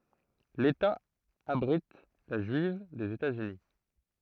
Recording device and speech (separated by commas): throat microphone, read sentence